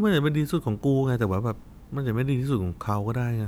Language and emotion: Thai, frustrated